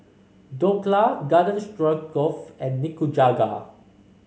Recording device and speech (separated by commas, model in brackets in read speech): mobile phone (Samsung C5), read sentence